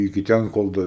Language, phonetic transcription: Lithuanian, iki ˈten kol ˈda

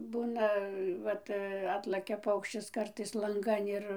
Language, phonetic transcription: Lithuanian, ˈbūna ˈvat ˈatlakia ˈpaukščis ˈkartais lanˈgan ir

